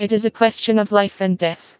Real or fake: fake